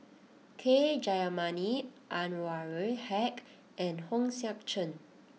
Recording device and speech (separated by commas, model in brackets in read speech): mobile phone (iPhone 6), read sentence